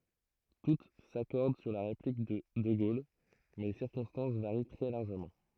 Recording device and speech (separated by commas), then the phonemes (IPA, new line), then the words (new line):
throat microphone, read sentence
tut sakɔʁd syʁ la ʁeplik də də ɡol mɛ le siʁkɔ̃stɑ̃s vaʁi tʁɛ laʁʒəmɑ̃
Toutes s'accordent sur la réplique de de Gaulle, mais les circonstances varient très largement.